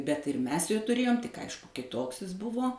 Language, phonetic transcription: Lithuanian, bet ir ˈmes jo tuˈrėjom tik ˈaišku kiˈtoks is ˈbuvo

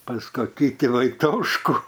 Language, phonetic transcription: Lithuanian, pas koˈkį ˈtį vaiˈtoškų

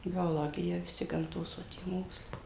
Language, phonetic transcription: Lithuanian, bioˈlogija viˈsi gamˈtos va ˈtie ˈmokslai

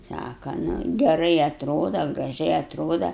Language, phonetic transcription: Lithuanian, ˈsaka nu geˈrai atˈroda graˈžiai atˈroda

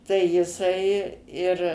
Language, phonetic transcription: Lithuanian, tai jiˈsai ir

